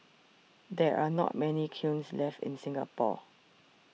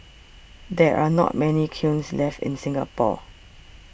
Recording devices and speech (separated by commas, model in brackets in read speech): mobile phone (iPhone 6), boundary microphone (BM630), read sentence